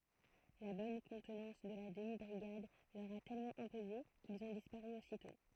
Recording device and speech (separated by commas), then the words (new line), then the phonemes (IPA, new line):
throat microphone, read sentence
La bonne contenance de la demi-brigade leur a tellement imposé, qu'ils ont disparu aussitôt.
la bɔn kɔ̃tnɑ̃s də la dəmi bʁiɡad lœʁ a tɛlmɑ̃ ɛ̃poze kilz ɔ̃ dispaʁy ositɔ̃